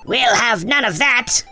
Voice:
high-pitched voice